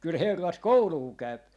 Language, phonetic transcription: Finnish, kyl 'herrat "kouluu 'käyp .
- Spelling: kyllä herrat koulua käy

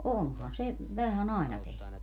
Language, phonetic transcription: Finnish, 'onhan 'se , 'vähä'n ‿àena tehny .
- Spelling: onhan se vähän aina tehnyt

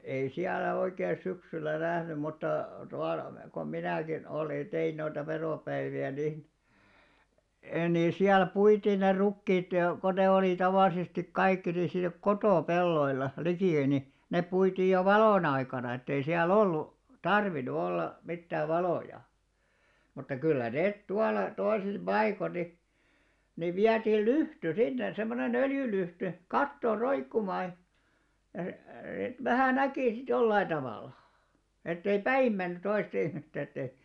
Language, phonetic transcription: Finnish, ei 'siällä oikee 'syksyllä 'nähnym mutta , 'tual , kom 'minä̀kin 'olìn (ja) 'tein noita 'veròpäivi₍ä nin , e- ni "siäl 'puitiin ne 'rukkiit , ko ne 'olì 'tavàlisestik̆ 'kaikki ni siinᵃ̈ "kotò'pelloil̆la , 'likì e[ttä] ni , 'nep̆ 'puitiij jo "valòn ‿aikana ettei siä"l ‿ollu , "tarvinnu 'olla , 'mittääv̆ 'valòja , mutta 'kyllä 'nèt 'tual̆la , 'toisis 'ʙaikon ni , niv 'viätiil "lyhty 'sinne , semmone"n ‿öljylyhty , "kattòr 'roikkumaa , e+- e+- et 'vähä̀ 'näkì sit 'jollai tavàla , ettei "päim menny 'toistᵃ ihmistä et̆tei ,.
- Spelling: ei siellä oikein syksyllä nähnyt mutta tuolla kun minäkin olin ja tein noita veropäiviä niin - niin siellä puitiin ne rukiit kun ne oli tavallisesti kaikki niin siinä kotopelloilla liki että niin ne puitiin jo valon aikana että ei siellä ollut tarvinnut olla mitään valoja mutta kyllä ne tuolla toisissa paikoin niin niin vietiin lyhty sinne semmoinen öljylyhty kattoon roikkumaan - - että vähän näki sitten jollakin tavalla että ei päin mennyt toista ihmistä että ei

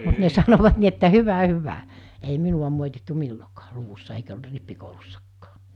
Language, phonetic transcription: Finnish, mut ne 'sanovat ni että » 'hyvä 'hyvä « , ei 'minuᵛa mòitittu 'millokᴀᴀ , 'luvussa eikä ol-' rippikoulussakkᴀᴀ .
- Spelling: mutta ne sanoivat niin että hyvä hyvä ei minua moitittu milloinkaan luvussa eikä ollut rippikoulussakaan

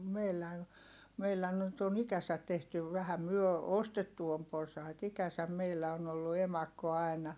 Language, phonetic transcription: Finnish, meillää , meillä nyt on ikäsät̆ tehtyv - vähä myö , ostettu om porsait ‿ikäsäm meillä on ‿ollu emakko ai̮na .
- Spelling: meillä meillä nyt on ikänsä tehty vähän me ostettu on porsaita ikänsä meillä on ollut emakko aina

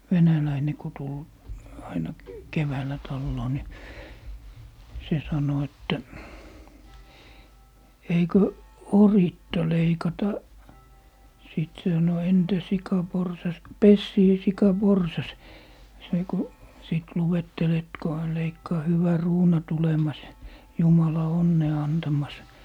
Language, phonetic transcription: Finnish, 'venäläine ko 'tul , aina , 'keväällä 'talloo ni , 'se 'sano että , » 'eikö , "oritta 'leikata » , 'sìt se sano » 'entä 'sika 'porsas , "pessie 'sika 'porsas » , se ko , 'sìt 'luwettel et ko hän 'leikkaa » 'hyvä "ruuna 'tulemas , "jumala 'onnee 'antamas » .
- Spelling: venäläinen kun tuli aina keväällä taloon niin se sanoi että eikö oritta leikata sitten se sanoi entä sika porsas pessie sika porsas se kun sitten luetteli että kun hän leikkaa hyvä ruuna tulemas jumala onnea antamas

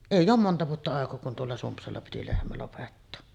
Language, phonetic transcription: Finnish, "èij̆j ‿oom 'monta vuotta àekoo kun tuolla 'Sumpsalla piti 'lehmä lopettoo .
- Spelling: ei ole monta vuotta aikaa kun tuolla Sumpsalla piti lehmä lopettaa

